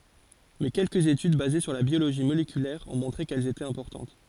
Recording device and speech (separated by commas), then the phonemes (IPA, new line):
forehead accelerometer, read sentence
mɛ kɛlkəz etyd baze syʁ la bjoloʒi molekylɛʁ ɔ̃ mɔ̃tʁe kɛl etɛt ɛ̃pɔʁtɑ̃t